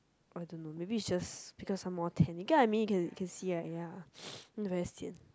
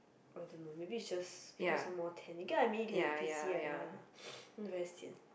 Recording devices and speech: close-talking microphone, boundary microphone, conversation in the same room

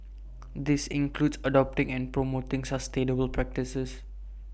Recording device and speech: boundary microphone (BM630), read sentence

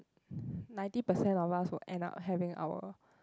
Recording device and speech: close-talking microphone, conversation in the same room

